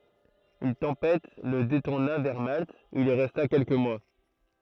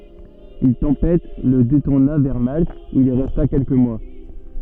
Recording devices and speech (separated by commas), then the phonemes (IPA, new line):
throat microphone, soft in-ear microphone, read sentence
yn tɑ̃pɛt lə detuʁna vɛʁ malt u il ʁɛsta kɛlkə mwa